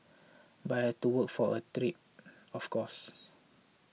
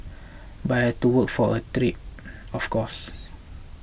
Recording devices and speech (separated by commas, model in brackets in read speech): mobile phone (iPhone 6), boundary microphone (BM630), read sentence